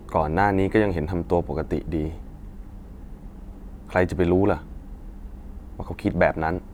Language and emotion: Thai, frustrated